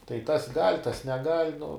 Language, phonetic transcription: Lithuanian, tai tas gal' tas neˈgal' nu

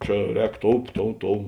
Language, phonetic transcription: Lithuanian, ˈčia ˈrēk ˈtou ˈtou ˈtou

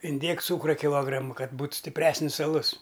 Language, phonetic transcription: Lithuanian, inˈdėk ˈcūkra kiˈlogramu ˈkad ˈbūt stipˈresnis aˈlus

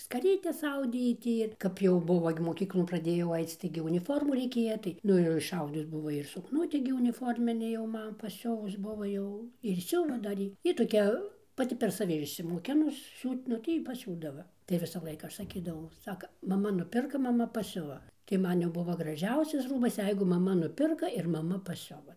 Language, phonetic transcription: Lithuanian, skaˈrytes ˈaudė ji ˈtį kap jau ˈbuvo ir moˈkyklon praˈdėjau ˈaic ˈtaigi uniˈformų reiˈkėja ˈtai ˈnu jau išˈaudus ˈbuvo ir sukˈnutį gi uniˈforminį jau ˈman paˈsiuvus ˈbuva jau ir ˈsiuva dar ˈjy ˈji toˈkia paˈti per saˈvi išsimoˈkinus ˈsiūt vnu tai ˈjy paˈsiūdava tai ˈvisa ˈlaika ˈaš saˈkydavau ˈsaka maˈma nuˈpirka maˈma paˈsiuva tai ˈman jau ˈbuvo graˈžiausias ˈrūbas ˈjeigu maˈma nuˈpirka ir maˈma paˈsiuva

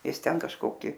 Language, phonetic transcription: Lithuanian, ˈis ˈten kažˈkoki

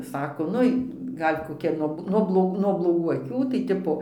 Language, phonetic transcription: Lithuanian, ˈsako ˈnui ˈgal' koˈkia nuo nuo bloˈg nuo bloˈgų aˈkių tai ˈtipo

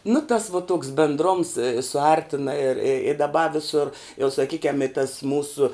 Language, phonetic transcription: Lithuanian, nu tas vo toks bendˈroms suˈartina ir i i daˈba viˈsur jau saˈkykiam i tas ˈmūsu

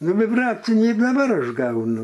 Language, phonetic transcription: Lithuanian, ˈnu viˈbracinį i daˈbar ˈaš ˈgaunu

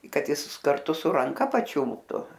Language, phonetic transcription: Lithuanian, i ˈkad ˈjis karˈtu su ranˈka paˈčiulptu

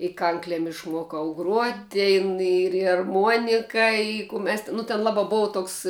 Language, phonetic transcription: Lithuanian, i ˈkanklem išˈmuokau gruot' ˈtėn ir ir arˈmuonika i kū mes ti ˈnu ten ˈlaba ˈbova ˈtoks

